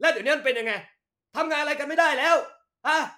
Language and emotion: Thai, angry